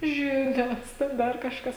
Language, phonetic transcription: Lithuanian, ˈžinios ˈten ˈdar kažˈkas

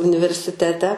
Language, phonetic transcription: Lithuanian, universiˈtete

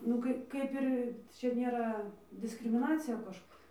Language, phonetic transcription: Lithuanian, nu ˈkai ˈkaip ir ˈčia ˈnėra diskrimiˈnacija ˈkaž

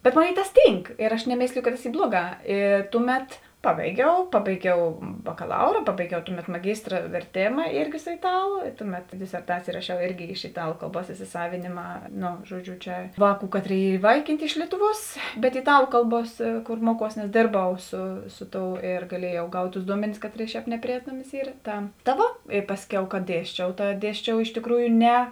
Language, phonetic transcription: Lithuanian, bet ˈmoˌnėi tas ˈtynk ir aš neˈmėsliju ka tas ˈy ˈbluoˌgā ˈi ˈtuˌmet ˈpabaiˌgiau ˈpabaiˌgiau bakaˈlaura ˈpabaiˌgiau ˈtuˌmet maˈgystra verˈtėma ˈirgi su iˈtalu ˈtuˌmet diserˈtacėjė raˈšiau ˈirgi iš iˈtalu kalˈbuos isisˈavėnėma no žuoˈdžiu čia ˈvāˌkų ˈkaˌtrėi ˈyr iˈvaikyntė iš ˈlietuˌvuos bet iˈtalu ˈkalˌbuos ˈkor ˈmuoˌkuos nes ˈdėrˌbau su ˈsu ˌtou ir gaˈliejau ˈgaut tus ˈduomenis ˈkaˌtrėi ˈšēp nepriˈēnamis ˈyr ˈta ta ˈvo i ˈpasˌkiau ka ˈdiesčiau ˈta ˈdiesčiau iš tikˈrūju ˈne

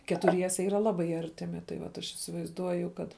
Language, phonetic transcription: Lithuanian, ketuˈriese ˈyra ˈlabai ˈartimi tai ˈvat aš isivaizˈduoju ˈkad

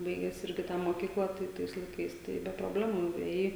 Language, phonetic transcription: Lithuanian, ˈbaigęs ˈirgi ˈtą moˈkyklą tai ˈtais laiˈkais tai be proˈblemų nuėˈjai

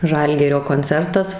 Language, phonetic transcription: Lithuanian, ˈžalgirio konˈcertas

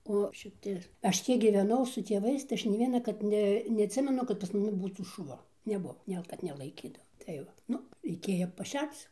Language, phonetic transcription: Lithuanian, o šiˈti ˈaš ˈtiek gyveˈnau su tieˈvais tai ˈaš nei ˈvienakart ˈne neatˈsimenu kad pas maˈni ˈbūtų šuˈva neˈbuvo ˈnel kad nelaiˈkydavo tai ˈva ˈnu reiˈkėjo paˈšerc

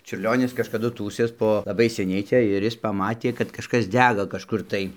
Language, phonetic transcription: Lithuanian, čiurˈlionis kažkaˈdu ˈtųsės ˈpo laˈbai seˈniai ˈcia ir ˈjis paˈmatė kad kažˈkas ˈdega kažˈkur tai

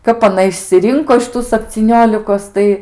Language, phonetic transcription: Lithuanian, ˈkap aˈna išsiˈrinko iš ˈtų sapcyˈniolikos ˈtai

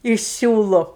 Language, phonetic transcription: Lithuanian, iš ˈsiūlu

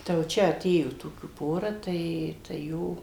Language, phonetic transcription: Lithuanian, tai jau ˈčia aˈtėjo ˈtokių ˈpora ˈtai tai ˈjo

